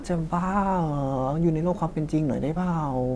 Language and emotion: Thai, sad